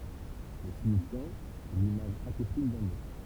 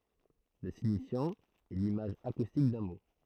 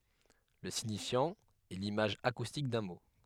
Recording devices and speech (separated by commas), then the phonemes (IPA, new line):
temple vibration pickup, throat microphone, headset microphone, read sentence
lə siɲifjɑ̃ ɛ limaʒ akustik dœ̃ mo